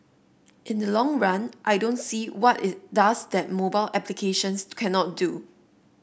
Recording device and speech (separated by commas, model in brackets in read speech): boundary microphone (BM630), read sentence